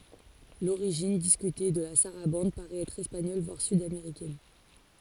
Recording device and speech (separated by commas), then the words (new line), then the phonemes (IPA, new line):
forehead accelerometer, read sentence
L'origine, discutée, de la sarabande, paraît être espagnole, voire sud-américaine.
loʁiʒin diskyte də la saʁabɑ̃d paʁɛt ɛtʁ ɛspaɲɔl vwaʁ sydameʁikɛn